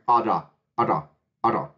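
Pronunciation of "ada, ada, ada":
In 'ada, ada, ada', the consonant between the vowels is a voiced alveolar flap.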